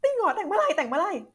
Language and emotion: Thai, happy